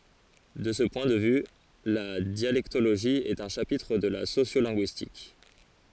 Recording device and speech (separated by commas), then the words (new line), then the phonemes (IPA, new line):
forehead accelerometer, read sentence
De ce point de vue, la dialectologie est un chapitre de la sociolinguistique.
də sə pwɛ̃ də vy la djalɛktoloʒi ɛt œ̃ ʃapitʁ də la sosjolɛ̃ɡyistik